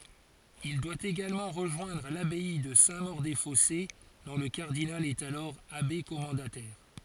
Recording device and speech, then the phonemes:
forehead accelerometer, read sentence
il dwa eɡalmɑ̃ ʁəʒwɛ̃dʁ labɛi də sɛ̃ moʁ de fɔse dɔ̃ lə kaʁdinal ɛt alɔʁ abe kɔmɑ̃datɛʁ

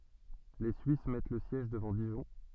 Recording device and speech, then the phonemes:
soft in-ear microphone, read sentence
le syis mɛt lə sjɛʒ dəvɑ̃ diʒɔ̃

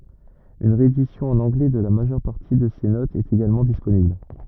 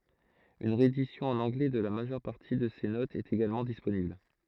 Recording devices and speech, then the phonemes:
rigid in-ear microphone, throat microphone, read sentence
yn ʁeedisjɔ̃ ɑ̃n ɑ̃ɡlɛ də la maʒœʁ paʁti də se notz ɛt eɡalmɑ̃ disponibl

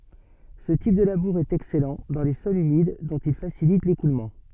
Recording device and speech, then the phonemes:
soft in-ear microphone, read sentence
sə tip də labuʁ ɛt ɛksɛlɑ̃ dɑ̃ le sɔlz ymid dɔ̃t il fasilit lekulmɑ̃

